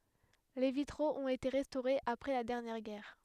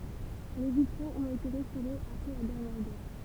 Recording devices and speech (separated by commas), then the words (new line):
headset microphone, temple vibration pickup, read sentence
Les vitraux ont été restaurés après la dernière guerre.